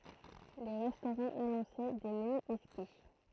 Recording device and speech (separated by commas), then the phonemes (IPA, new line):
throat microphone, read sentence
le ʁɛstoʁɑ̃z anɔ̃sɛ de məny ɛkski